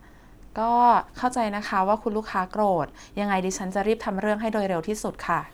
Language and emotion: Thai, neutral